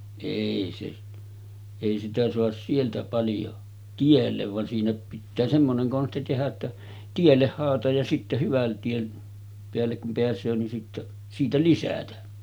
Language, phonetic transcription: Finnish, èi se , èi sitä 'soas 'sieltä paljo , 'tiellev van siinä pittää semmoneŋ 'konsti tehä ‿ttä , 'tielleh haalataj ja sitte 'hyvän tien , 'peällek kum peäs̀öö nin sitte , 'siitä "lisätä .
- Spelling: ei se ei sitä saa sieltä paljon tielle vaan siinä pitää semmoinen konsti tehdä että tielle haalataan ja sitten hyvän tien päälle kun pääsee niin sitten siitä lisätä

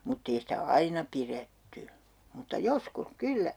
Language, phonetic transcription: Finnish, mut't ‿ei sitä "aina piretty , mutta "joskus "kyllä .
- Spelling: mutta ei sitä aina pidetty mutta joskus kyllä

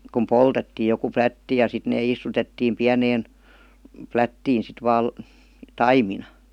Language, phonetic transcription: Finnish, kum "poltettii joku "plätti ja sit nee 'istutettiim "piäneen , "plättiin̬ sit 'vaal§ , "taimina .
- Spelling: kun poltettiin joku plätti ja sitten ne istutettiin pieneen plättiin sitten vain taimina

